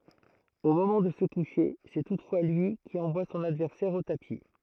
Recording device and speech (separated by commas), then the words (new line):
throat microphone, read sentence
Au moment de se coucher, c'est toutefois lui qui envoie son adversaire au tapis.